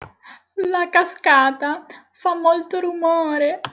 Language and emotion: Italian, sad